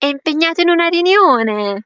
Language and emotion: Italian, happy